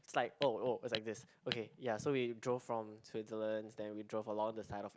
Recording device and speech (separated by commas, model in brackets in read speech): close-talking microphone, conversation in the same room